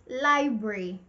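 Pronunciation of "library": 'Library' is said here with two syllables, and that pronunciation is incorrect.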